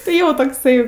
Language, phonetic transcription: Lithuanian, tai ˈjo tokˈsai

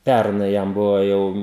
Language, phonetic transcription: Lithuanian, ˈpærnai ˈjam ˈbuvo ˈjau

